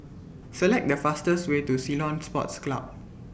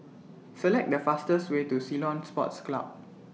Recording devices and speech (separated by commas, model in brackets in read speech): boundary microphone (BM630), mobile phone (iPhone 6), read sentence